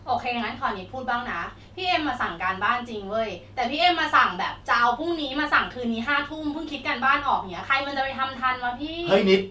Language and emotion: Thai, frustrated